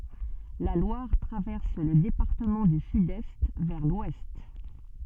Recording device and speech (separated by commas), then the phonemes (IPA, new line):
soft in-ear microphone, read sentence
la lwaʁ tʁavɛʁs lə depaʁtəmɑ̃ dy sydɛst vɛʁ lwɛst